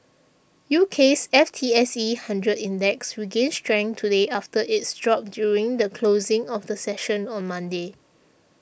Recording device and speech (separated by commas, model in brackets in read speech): boundary microphone (BM630), read sentence